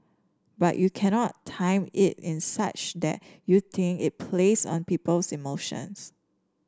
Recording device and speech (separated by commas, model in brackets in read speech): standing microphone (AKG C214), read sentence